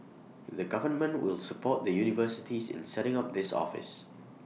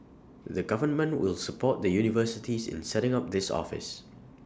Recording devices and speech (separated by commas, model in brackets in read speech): mobile phone (iPhone 6), standing microphone (AKG C214), read sentence